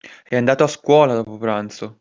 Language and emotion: Italian, angry